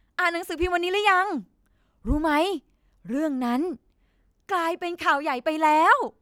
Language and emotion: Thai, happy